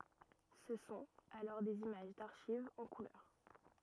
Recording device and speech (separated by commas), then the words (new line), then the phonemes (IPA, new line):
rigid in-ear microphone, read sentence
Ce sont alors des images d'archives en couleur.
sə sɔ̃t alɔʁ dez imaʒ daʁʃivz ɑ̃ kulœʁ